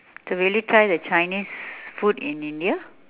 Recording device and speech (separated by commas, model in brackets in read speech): telephone, conversation in separate rooms